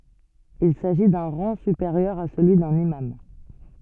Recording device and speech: soft in-ear microphone, read sentence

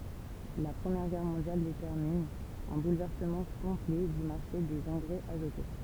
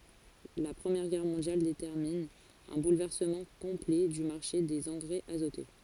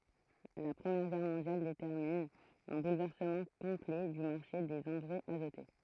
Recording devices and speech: temple vibration pickup, forehead accelerometer, throat microphone, read sentence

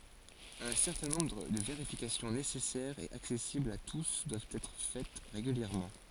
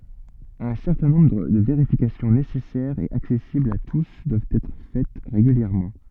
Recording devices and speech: forehead accelerometer, soft in-ear microphone, read sentence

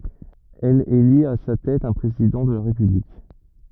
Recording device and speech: rigid in-ear microphone, read sentence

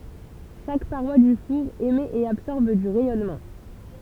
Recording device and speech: temple vibration pickup, read sentence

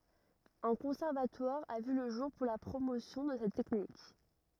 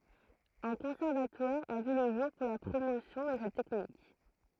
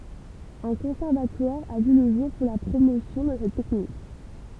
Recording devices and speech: rigid in-ear microphone, throat microphone, temple vibration pickup, read sentence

